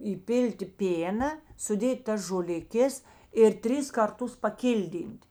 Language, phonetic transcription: Lithuanian, įˈpilti ˈpėna suˈdėt' ˈtas žoliˈkės ir ˈtris ˈkarˌtus paˈkilˌdyn't'

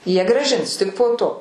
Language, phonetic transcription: Lithuanian, ˈjie grąˈžins ˈtik po ˈto

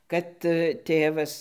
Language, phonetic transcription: Lithuanian, kad ˈtėvas

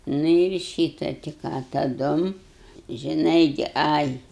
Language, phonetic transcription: Lithuanian, nu ir ˈšyta tai ˈką taˈdum žiˈnai gi ˈai

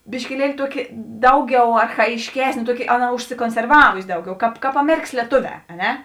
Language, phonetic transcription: Lithuanian, biškiˈlieli ˈtuoki ˈdauˌgiau archajišˈkesnė ˈtuoˌki ˈaˌna užsikonserˈvavusi ˈdauˌgiau ˈkāp ˈkāp aˈmerikas lieˈtoˌvē a ˈne

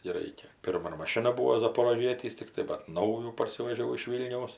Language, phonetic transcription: Lithuanian, gi ˈraikia ˈpirma ˈmono maˈšina ˈbūo zaporoˈžietys ˈtiktai bat ˈnaujų parˈsivežiau iš ˈvylniaus

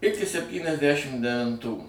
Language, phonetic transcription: Lithuanian, ˈiki septyniasˈdæšim devinˈtų

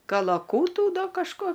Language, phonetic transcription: Lithuanian, kalaˈkūtų ˈda kažˈko

